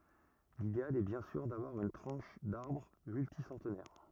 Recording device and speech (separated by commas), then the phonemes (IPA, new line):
rigid in-ear microphone, read sentence
lideal ɛ bjɛ̃ syʁ davwaʁ yn tʁɑ̃ʃ daʁbʁ mylti sɑ̃tnɛʁ